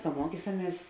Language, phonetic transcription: Lithuanian, ka ˈmuokysaˌmies

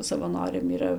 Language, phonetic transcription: Lithuanian, savaˈnoriam yˈra

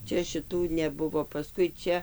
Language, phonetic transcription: Lithuanian, ˈčia šiˈtų neˈbuvo paˈskui ˈčia

